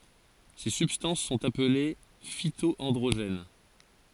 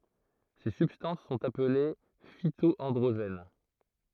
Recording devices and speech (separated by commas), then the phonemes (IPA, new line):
forehead accelerometer, throat microphone, read sentence
se sybstɑ̃s sɔ̃t aple fito ɑ̃dʁoʒɛn